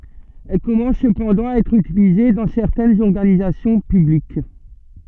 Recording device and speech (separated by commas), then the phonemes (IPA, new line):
soft in-ear microphone, read sentence
ɛl kɔmɑ̃s səpɑ̃dɑ̃ a ɛtʁ ytilize dɑ̃ sɛʁtɛnz ɔʁɡanizasjɔ̃ pyblik